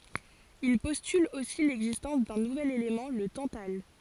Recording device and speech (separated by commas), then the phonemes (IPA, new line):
forehead accelerometer, read sentence
il pɔstyl osi lɛɡzistɑ̃s dœ̃ nuvɛl elemɑ̃ lə tɑ̃tal